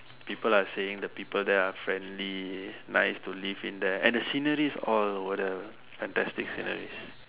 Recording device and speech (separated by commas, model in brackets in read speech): telephone, conversation in separate rooms